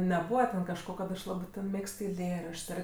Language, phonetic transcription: Lithuanian, neˈbūva ten kažˈko kad ˈaš ˈlabɜ ˈmėgst eiˈlėraščˈsˈ ˈar

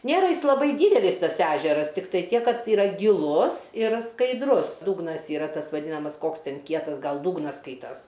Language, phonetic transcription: Lithuanian, ˈnėra ˈjis laˈbai ˈdydelis ˈtas ˈæžeras tikˈtai ˈtiek ˈkad yˈra giˈlus ir skaidˈrus ˈdūgnas ˈyra ˈtas vaˈdynamas ˈkoks ten ˈkietas ˈgal ˈdūgnas ˈskaitas

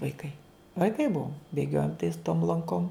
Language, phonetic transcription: Lithuanian, vaiˈkai vaiˈkai ˈbuvom bėˈgiojom tais tom lanˈkom

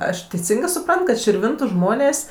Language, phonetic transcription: Lithuanian, ˈaš teiˈsingɜ suˈprant kad širˈvintu ˈžmonės'

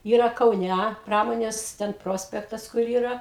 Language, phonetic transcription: Lithuanian, ˈyra kauˈnæ ˈpramonės ten ˈprospektas kur ˈyra

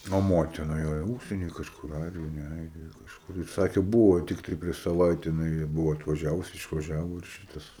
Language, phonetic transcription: Lithuanian, o ˈmotina ˈjojo ˈūžsieny kažˈkur ˈairijoj ne ˈairijoj kažˈkur i ˈsakė ˈbūvo tikˈtai prieš saˈvaite jiˈnai ˈbuvo atvaˈžiavus išvaˈžiavo ir ˈšitas

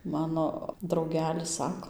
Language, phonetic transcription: Lithuanian, ˈmano drauˈgelis ˈsako

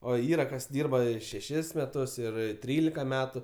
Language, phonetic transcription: Lithuanian, o ˈyra kas ˈdyrba ˈi šeˈšis meˈtus ir ˈtrylika ˈmetu

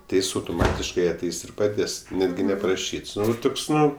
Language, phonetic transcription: Lithuanian, ti ˈjis autuˈmatiškai aˈteis ir paˈdės ˈnetgi neparaˈšyts ˈtuks ˈnu

